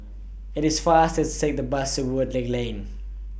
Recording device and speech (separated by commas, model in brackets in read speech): boundary microphone (BM630), read sentence